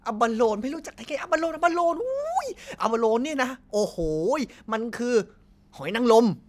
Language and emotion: Thai, happy